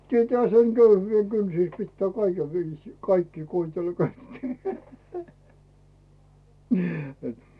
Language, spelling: Finnish, tietäähän sen köyhyyden kynsissä pitää kaiken viisiin kaikkia koetella kun että ei
- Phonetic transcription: 'tietäähä seŋ "köyhyyve 'kynsis pittää 'kaikev 'viisii "kaikkii 'koitella ko ettei .

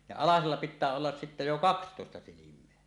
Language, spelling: Finnish, ja alasella pitää olla sitten jo kaksitoista silmää
- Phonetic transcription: ja "alasella 'pit̆tää 'ollas "sittä jo "kakstòesta 'silim̀eä .

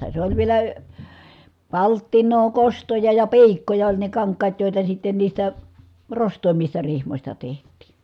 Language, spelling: Finnish, se oli vielä palttinaa kostoja ja piikkoja oli ne kankaat joita sitten niistä rostoimmista rihmoista tehtiin
- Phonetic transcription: se oĺ vielä , palttiǹoo , kostoja ja pi̮ikkoja oĺ ne kaŋk̀aat jòita sitten niistä , rost̀òimmista rihmośta teht̀iin̬ .

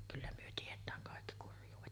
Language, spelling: Finnish, kyllä me tiedetään kaikki kurjuudet
- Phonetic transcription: kyllä myö 'tiet̀ääŋ kàekki 'kurj̆juuvet .

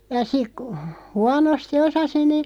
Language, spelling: Finnish, ja sitten kun huonosti osasi niin
- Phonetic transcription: ja 'sik kᵘ , "huanosti 'osasi nii ,.

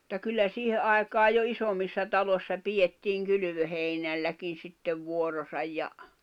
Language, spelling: Finnish, mutta kyllä siihen aikaan jo isommissa taloissa pidettiin kylvöheinälläkin sitten vuoronsa ja
- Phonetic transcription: [mut]ta kyllä 'siihe ’aekaa jo 'isommissa 'talossa 'pijettiiŋ 'kylʸvöheinälläkin̬ 'sittev 'vuorosaj ja ,.

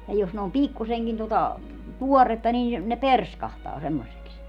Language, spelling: Finnish, ja jos ne on pikkuisenkin tuota tuoretta niin ne perskahtaa semmoisiksi
- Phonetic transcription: ja jos ne om "pikkuseŋkin tota , "tuɔretta niin̬ , ne "perskahtaa semmosiks .

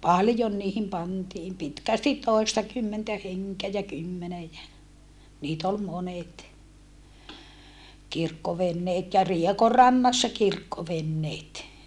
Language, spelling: Finnish, paljon niihin pantiin pitkästi toistakymmentä henkeä ja kymmenen ja niitä oli monet kirkkoveneet ja Riekonrannassa kirkkoveneet
- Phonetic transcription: paljon niihim pantiim pitkästit tòistakymmentä heŋkeä jä kymmenej jä , niit ‿ol monet , kirkkovenneet ja Riekorrannassa kirkkovenneet .

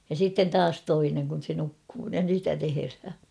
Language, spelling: Finnish, ja sitten taas toinen kun se nukkuu ja sitä tehdään
- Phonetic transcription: ja 'siitten "taas 'toineŋ kun̬ se 'nukkuu ja sitä 'teherhä .

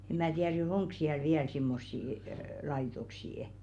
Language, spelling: Finnish, en minä tiedä nyt onko siellä vielä semmoisia - laitoksia
- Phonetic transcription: 'eᵐ mää tiär (ny) "oŋk 'siäl "viäl simmossii əə 'laitoksii₍ᵊ .

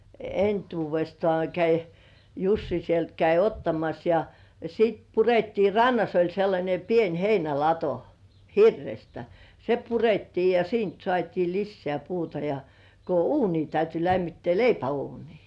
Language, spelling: Finnish, entuudestaan kävi Jussi sieltä kävi ottamassa ja sitten purettiin rannassa oli sellainen pieni heinälato hirrestä se purettiin ja siitä saatiin lisää puuta ja kun uuni täytyi lämmittää leipäuunia
- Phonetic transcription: 'entuuvestŏà käi , "Jussi sielt käi 'ottamas ja , sit 'purettii "rannas oĺ sellańe pien 'heinälato , "hirrestä , 'se purettii ja 'siint sŏàt́ii "lissĕä̀ 'puuta ja , ko "uuni täyty 'lämmittĕä̀ , "leipä₍uunii .

